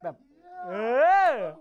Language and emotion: Thai, happy